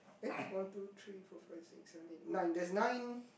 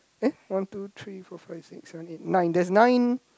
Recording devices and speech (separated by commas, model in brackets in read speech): boundary microphone, close-talking microphone, conversation in the same room